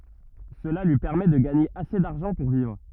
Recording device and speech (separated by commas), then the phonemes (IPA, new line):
rigid in-ear microphone, read sentence
səla lyi pɛʁmɛ də ɡaɲe ase daʁʒɑ̃ puʁ vivʁ